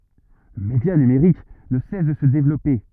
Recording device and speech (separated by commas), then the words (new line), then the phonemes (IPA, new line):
rigid in-ear microphone, read sentence
Le média numerique ne cesse de se développer.
lə medja nymʁik nə sɛs də sə devlɔpe